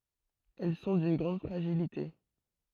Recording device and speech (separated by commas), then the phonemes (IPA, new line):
throat microphone, read sentence
ɛl sɔ̃ dyn ɡʁɑ̃d fʁaʒilite